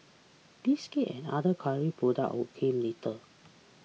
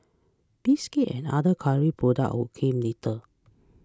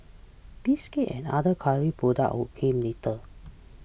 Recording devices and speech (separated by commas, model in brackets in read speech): mobile phone (iPhone 6), close-talking microphone (WH20), boundary microphone (BM630), read sentence